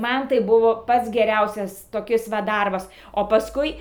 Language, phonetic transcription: Lithuanian, ˈman tai ˈbuvo ˈpats geˈriausias toˈkis va ˈdarbas o pasˈkui

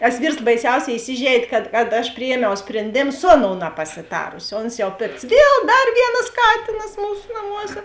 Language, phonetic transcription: Lithuanian, tas ˈvyrs baiˈsiauˌsē iˈsižeidė kad kad aš priˈjiemiau sprenˈdėm ˈsu aˌnou napasiˈtarusi ˈons jau ˈpikts ˈviel ˈdar ˈvienas ˈkatinas ˈmūsu naˈmuose

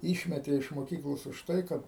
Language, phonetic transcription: Lithuanian, ˈyšmetė iš moˈkyklos už ˈtai ˈkad

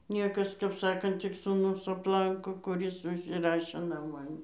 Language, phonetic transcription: Lithuanian, ˈniekas kap ˈsakant tik sūˈnus apˈlanko kuˈris užsiˈrašė naˈman

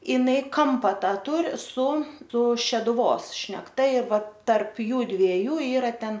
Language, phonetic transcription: Lithuanian, iˈnai ˈkampa ˈtą ˈtūri su su šeduˈvos šnekˈta ir ˈvat tarp ˈjųdviejų ˈyra ˈten

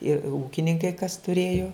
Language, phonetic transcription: Lithuanian, i ˈūkininkai kas tuˈrėjo

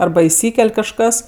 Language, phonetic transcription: Lithuanian, ˈarba iˈsykel' kažˈkas

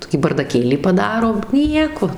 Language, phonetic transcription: Lithuanian, ˈtokį bardaˈkėlį paˈdaro ˈnieko

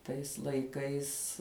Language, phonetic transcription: Lithuanian, tais laiˈkais

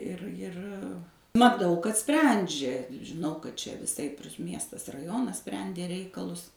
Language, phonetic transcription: Lithuanian, ˈir ˈjir maˈtau kad ˈsprendžia žiˈnau kad ˈčia viˈsaip ir ˈmiestas raˈjonas ˈsprendė ˈreikalus

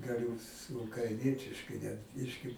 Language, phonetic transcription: Lithuanian, gaˈliu su ukraiˈnietiškai net ˈbiški

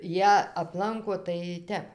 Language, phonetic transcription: Lithuanian, ˈjie apˈlanko tai ˈtep

